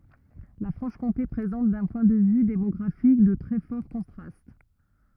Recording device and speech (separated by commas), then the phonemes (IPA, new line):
rigid in-ear microphone, read sentence
la fʁɑ̃ʃkɔ̃te pʁezɑ̃t dœ̃ pwɛ̃ də vy demɔɡʁafik də tʁɛ fɔʁ kɔ̃tʁast